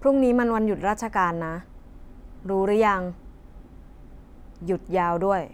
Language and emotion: Thai, frustrated